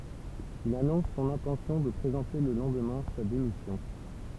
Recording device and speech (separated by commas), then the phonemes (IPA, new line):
temple vibration pickup, read sentence
il anɔ̃s sɔ̃n ɛ̃tɑ̃sjɔ̃ də pʁezɑ̃te lə lɑ̃dmɛ̃ sa demisjɔ̃